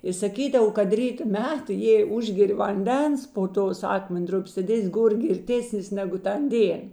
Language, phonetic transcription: Lithuanian, i saˈkydav kad ˈryto ˈmet jei ˈužgeri vanˈdens po ˈtos ˈakmenˌdrupės tad ˈės' ˈgor girˈtėsnis ˈnegu ˈtan ˈdėn

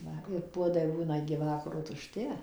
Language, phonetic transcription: Lithuanian, ˈva ir ˈpuodai ˈbūna igi ˈvakaro tuˈšti

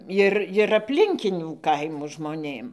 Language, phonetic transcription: Lithuanian, ˈir ir apˈlinkinių ˈkaimų žmoˈnėm

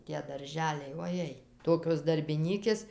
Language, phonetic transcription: Lithuanian, tie darˈželiai oˈjei ˈtokios darbiˈnykės

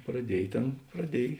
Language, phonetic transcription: Lithuanian, praˈdiej ˈtėn praˈdiej

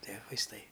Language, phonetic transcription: Lithuanian, ˈtie vaisˈtai

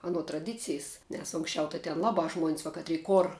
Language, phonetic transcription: Lithuanian, aˈno traˈdicijs nes ˈunksˌčiau tai ten ˈlabā ˈžmuon's' va ˈkatry ˈkor

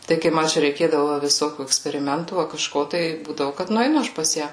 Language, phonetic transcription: Lithuanian, ˈtai kai ˈma ˈčia reiˈkėdavo va viˈsokių eksperiˈmentų a kaˈžko tai ˈbūdavu kad nueiˈnu ˈaš pas ˈją

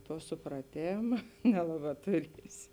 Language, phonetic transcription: Lithuanian, ˈtuo supraˈtėma ˈnelaˌbā tuˈriesi

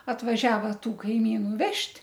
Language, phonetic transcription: Lithuanian, atvaˈžiava ˈtų kaiˈmynu ˈvežt'

